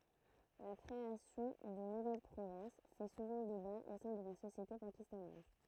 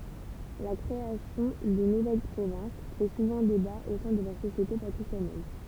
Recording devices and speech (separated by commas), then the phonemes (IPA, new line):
throat microphone, temple vibration pickup, read sentence
la kʁeasjɔ̃ də nuvɛl pʁovɛ̃s fɛ suvɑ̃ deba o sɛ̃ də la sosjete pakistanɛz